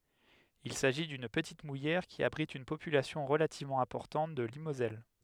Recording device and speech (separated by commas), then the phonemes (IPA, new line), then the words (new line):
headset microphone, read sentence
il saʒi dyn pətit mujɛʁ ki abʁit yn popylasjɔ̃ ʁəlativmɑ̃ ɛ̃pɔʁtɑ̃t də limozɛl
Il s'agit d'une petite mouillère qui abrite une population relativement importante de limoselle.